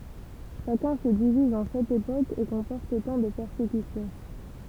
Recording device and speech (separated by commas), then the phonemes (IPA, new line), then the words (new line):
temple vibration pickup, read sentence
ʃakœ̃ sə diviz ɑ̃ sɛt epokz e kɔ̃pɔʁt otɑ̃ də pɛʁsekysjɔ̃
Chacun se divise en sept époques et comporte autant de persécutions.